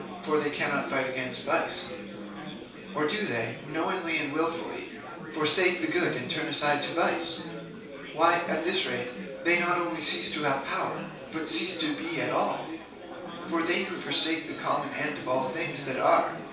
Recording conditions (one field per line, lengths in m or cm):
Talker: one person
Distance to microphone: 3.0 m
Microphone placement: far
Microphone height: 1.8 m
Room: small (3.7 m by 2.7 m)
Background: babble